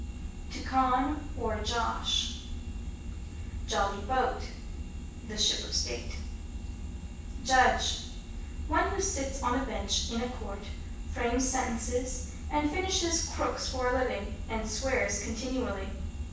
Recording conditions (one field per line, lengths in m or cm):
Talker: one person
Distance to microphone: 9.8 m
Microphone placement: far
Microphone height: 1.8 m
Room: large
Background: none